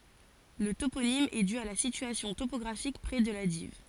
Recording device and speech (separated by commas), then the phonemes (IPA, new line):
forehead accelerometer, read sentence
lə toponim ɛ dy a la sityasjɔ̃ topɔɡʁafik pʁɛ də la div